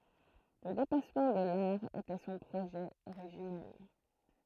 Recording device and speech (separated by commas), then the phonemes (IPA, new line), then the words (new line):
throat microphone, read sentence
lə depasmɑ̃ də laʁ etɛ sɔ̃ pʁoʒɛ oʁiʒinɛl
Le dépassement de l'art était son projet originel.